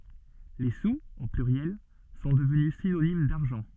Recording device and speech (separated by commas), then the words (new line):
soft in-ear microphone, read sentence
Les sous, au pluriel, sont devenus synonyme d'argent.